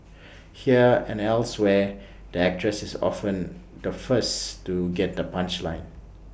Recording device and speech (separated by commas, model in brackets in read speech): boundary microphone (BM630), read sentence